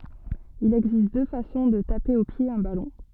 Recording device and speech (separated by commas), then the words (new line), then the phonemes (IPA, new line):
soft in-ear microphone, read sentence
Il existe deux façons de taper au pied un ballon.
il ɛɡzist dø fasɔ̃ də tape o pje œ̃ balɔ̃